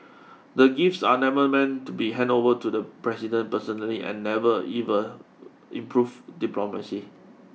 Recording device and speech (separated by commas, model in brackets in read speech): mobile phone (iPhone 6), read sentence